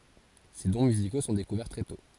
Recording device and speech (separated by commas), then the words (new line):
forehead accelerometer, read sentence
Ses dons musicaux sont découverts très tôt.